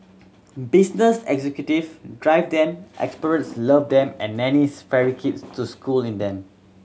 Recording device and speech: mobile phone (Samsung C7100), read sentence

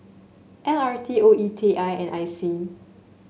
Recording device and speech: mobile phone (Samsung S8), read sentence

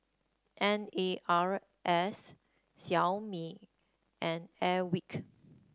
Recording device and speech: standing microphone (AKG C214), read sentence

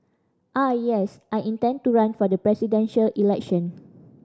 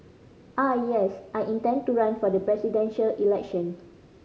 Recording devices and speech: standing microphone (AKG C214), mobile phone (Samsung C5010), read sentence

